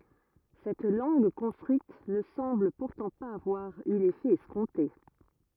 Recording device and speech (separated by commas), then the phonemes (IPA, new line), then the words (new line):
rigid in-ear microphone, read sentence
sɛt lɑ̃ɡ kɔ̃stʁyit nə sɑ̃bl puʁtɑ̃ paz avwaʁ y lefɛ ɛskɔ̃te
Cette langue construite ne semble pourtant pas avoir eu l'effet escompté.